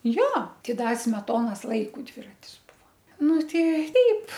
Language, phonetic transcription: Lithuanian, ˈjo ˈti ˈda smeˈtonos ˈlaiku ˈdviratis ˈbuvo ˈnu ˈtei ˈteip

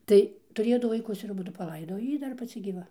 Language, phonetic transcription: Lithuanian, ˈtai tuˈrėjo ˈdu vaiˈkus ir aˈbudu paˈlaidoj o ˈjy ˈdar paˈci gyˈva

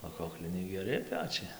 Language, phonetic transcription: Lithuanian, o ˈkokliniai geˈri ˈpečiai

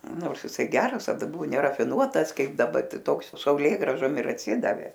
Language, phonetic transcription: Lithuanian, ˈnors jiˈsai ˈgeras taˈda ˈbuvo nerafiˈnuotas ˈkaip daˈba ˈtai ˈtoks sauˈlėgrąžom ir atˈsidavė

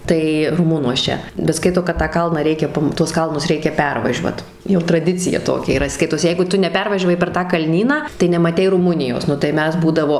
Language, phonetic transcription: Lithuanian, ˈtai ruˈmunuos ˈčia bet ˈskaito kad tą ˈkalną ˈreikia ˈpam tuos ˈkalnus ˈreikia ˈpervažiuot jau traˈdicija ˈtokia yˈra ˈskaitos ˈjeigu ˈtu neˈpervažiavai per ˈtą kalˈnyną tai nemaˈtei ruˈmunijos ˈnu tai ˈmes ˈbūdavo

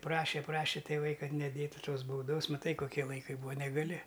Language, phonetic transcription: Lithuanian, ˈprašė ˈprašė tėˈvai ˈkad neˈdėtu ˈtos bauˈdos maˈtai koˈkie laiˈkai ˈbūa negaˈli

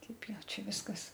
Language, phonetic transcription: Lithuanian, ˈteip ˈjau ˈčia ˈviskas

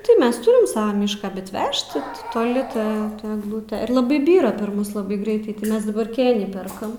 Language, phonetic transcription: Lithuanian, tai ˈmes ˈtūrim ˈsavą ˈmyšką bet ˈvežt ti toˈli ˈta egˈlute ir laˈbai ˈbyra per ˈmus laˈbai ˈgreitai tai ˈmes daˈbar ˈkėnį ˈperkam

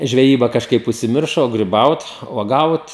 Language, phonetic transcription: Lithuanian, žveˈjyba kažˈkaip užsiˈmiršo o griˈbaut uoˈgaut

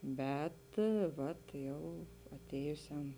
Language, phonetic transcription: Lithuanian, ˈbet ˈvat ˈjau aˈtėjusiam

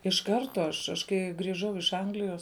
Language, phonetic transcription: Lithuanian, iš ˈkarto aš aš ˈkai griˈžau iš ˈanglijos

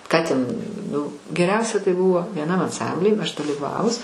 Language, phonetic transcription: Lithuanian, ˈką ten ˈnu geˈriausia tai ˈbūvo vieˈnam anˈsambly aš dalyˈvavus

